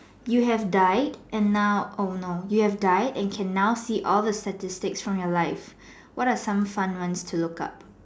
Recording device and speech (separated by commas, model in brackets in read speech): standing microphone, conversation in separate rooms